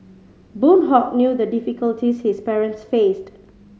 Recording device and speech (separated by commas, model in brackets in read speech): mobile phone (Samsung C5010), read sentence